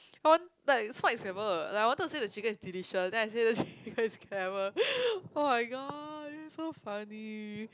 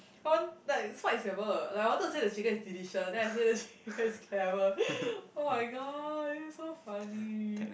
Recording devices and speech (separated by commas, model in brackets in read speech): close-talking microphone, boundary microphone, conversation in the same room